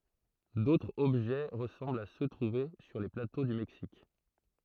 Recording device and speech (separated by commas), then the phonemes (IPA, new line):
throat microphone, read sentence
dotʁz ɔbʒɛ ʁəsɑ̃blt a sø tʁuve syʁ le plato dy mɛksik